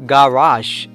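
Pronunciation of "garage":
'Garage' is given its British English pronunciation here.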